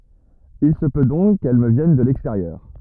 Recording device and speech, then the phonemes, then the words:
rigid in-ear microphone, read sentence
il sə pø dɔ̃k kɛl mə vjɛn də lɛksteʁjœʁ
Il se peut donc qu'elle me vienne de l'extérieur.

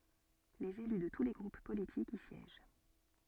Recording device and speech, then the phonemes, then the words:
soft in-ear microphone, read sentence
lez ely də tu le ɡʁup politikz i sjɛʒ
Les élus de tous les groupes politiques y siègent.

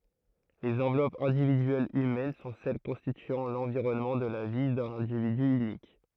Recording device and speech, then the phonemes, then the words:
throat microphone, read sentence
lez ɑ̃vlɔpz ɛ̃dividyɛlz ymɛn sɔ̃ sɛl kɔ̃stityɑ̃ lɑ̃viʁɔnmɑ̃ də la vi dœ̃n ɛ̃dividy ynik
Les enveloppes individuelles humaines sont celles constituant l'environnement de la vie d'un individu unique.

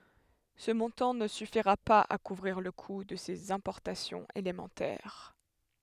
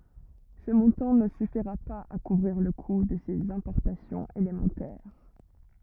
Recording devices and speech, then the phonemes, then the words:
headset microphone, rigid in-ear microphone, read sentence
sə mɔ̃tɑ̃ nə syfiʁa paz a kuvʁiʁ lə ku də sez ɛ̃pɔʁtasjɔ̃z elemɑ̃tɛʁ
Ce montant ne suffira pas à couvrir le coût de ses importations élémentaires.

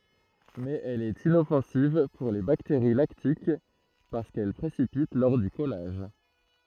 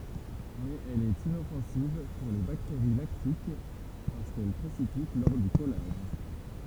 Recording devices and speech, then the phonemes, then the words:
throat microphone, temple vibration pickup, read sentence
mɛz ɛl ɛt inɔfɑ̃siv puʁ le bakteʁi laktik paʁskɛl pʁesipit lɔʁ dy kɔlaʒ
Mais elle est inoffensive pour les bactéries lactiques parce qu’elle précipite lors du collage.

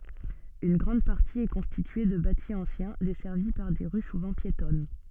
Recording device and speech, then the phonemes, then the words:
soft in-ear microphone, read sentence
yn ɡʁɑ̃d paʁti ɛ kɔ̃stitye də bati ɑ̃sjɛ̃ dɛsɛʁvi paʁ de ʁy suvɑ̃ pjetɔn
Une grande partie est constituée de bâti ancien desservi par des rues souvent piétonnes.

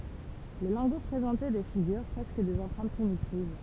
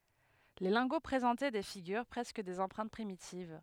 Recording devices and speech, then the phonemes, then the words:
temple vibration pickup, headset microphone, read sentence
le lɛ̃ɡo pʁezɑ̃tɛ de fiɡyʁ pʁɛskə dez ɑ̃pʁɛ̃t pʁimitiv
Les lingots présentaient des figures, presque des empreintes primitives.

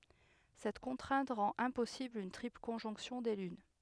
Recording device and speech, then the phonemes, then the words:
headset microphone, read sentence
sɛt kɔ̃tʁɛ̃t ʁɑ̃t ɛ̃pɔsibl yn tʁipl kɔ̃ʒɔ̃ksjɔ̃ de lyn
Cette contrainte rend impossible une triple conjonction des lunes.

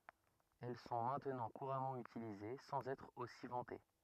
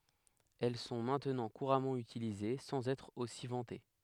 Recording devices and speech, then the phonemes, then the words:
rigid in-ear microphone, headset microphone, read sentence
ɛl sɔ̃ mɛ̃tnɑ̃ kuʁamɑ̃ ytilize sɑ̃z ɛtʁ osi vɑ̃te
Elles sont maintenant couramment utilisées sans être aussi vantées.

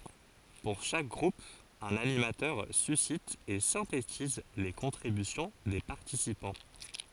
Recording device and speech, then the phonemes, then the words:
forehead accelerometer, read sentence
puʁ ʃak ɡʁup œ̃n animatœʁ sysit e sɛ̃tetiz le kɔ̃tʁibysjɔ̃ de paʁtisipɑ̃
Pour chaque groupe un animateur suscite et synthétise les contributions des participants.

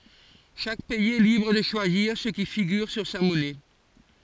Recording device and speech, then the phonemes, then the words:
forehead accelerometer, read sentence
ʃak pɛiz ɛ libʁ də ʃwaziʁ sə ki fiɡyʁ syʁ sa mɔnɛ
Chaque pays est libre de choisir ce qui figure sur sa monnaie.

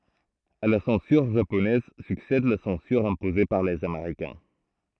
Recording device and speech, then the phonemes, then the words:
throat microphone, read sentence
a la sɑ̃syʁ ʒaponɛz syksɛd la sɑ̃syʁ ɛ̃poze paʁ lez ameʁikɛ̃
À la censure japonaise succède la censure imposée par les Américains.

